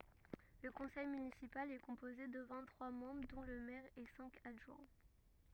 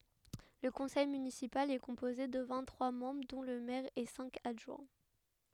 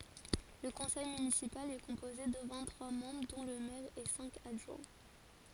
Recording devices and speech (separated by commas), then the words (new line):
rigid in-ear microphone, headset microphone, forehead accelerometer, read sentence
Le conseil municipal est composé de vingt-trois membres dont le maire et cinq adjoints.